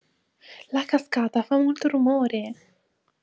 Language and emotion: Italian, fearful